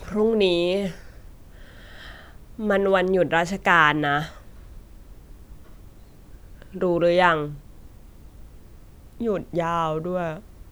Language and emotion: Thai, frustrated